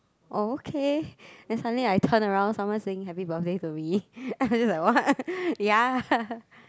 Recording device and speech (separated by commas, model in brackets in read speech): close-talking microphone, conversation in the same room